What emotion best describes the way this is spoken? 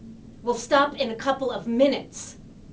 angry